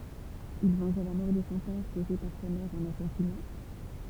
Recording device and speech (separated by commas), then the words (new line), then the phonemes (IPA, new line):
temple vibration pickup, read sentence
Il vengea la mort de son père causée par sa mère en l'assasinant.
il vɑ̃ʒa la mɔʁ də sɔ̃ pɛʁ koze paʁ sa mɛʁ ɑ̃ lasazinɑ̃